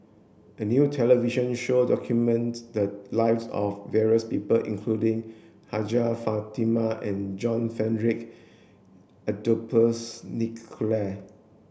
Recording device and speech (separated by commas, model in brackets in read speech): boundary microphone (BM630), read sentence